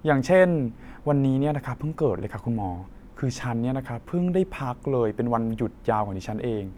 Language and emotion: Thai, frustrated